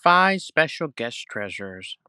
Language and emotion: English, happy